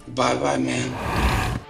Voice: in rough voice